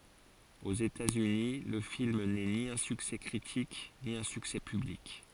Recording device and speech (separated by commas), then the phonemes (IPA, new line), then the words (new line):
forehead accelerometer, read sentence
oz etatsyni lə film nɛ ni œ̃ syksɛ kʁitik ni œ̃ syksɛ pyblik
Aux États-Unis, le film n’est ni un succès critique, ni un succès public.